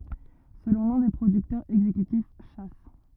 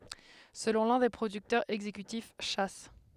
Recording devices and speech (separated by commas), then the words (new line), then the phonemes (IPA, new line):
rigid in-ear microphone, headset microphone, read sentence
Selon l'un des producteurs exécutifs, Chas.
səlɔ̃ lœ̃ de pʁodyktœʁz ɛɡzekytif ʃa